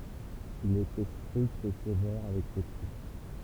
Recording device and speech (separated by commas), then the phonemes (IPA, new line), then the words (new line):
temple vibration pickup, read sentence
il etɛ stʁikt e sevɛʁ avɛk se tʁup
Il était strict et sévère avec ses troupes.